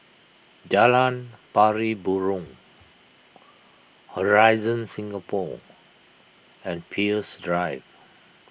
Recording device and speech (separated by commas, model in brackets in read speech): boundary microphone (BM630), read sentence